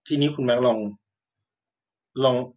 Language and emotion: Thai, neutral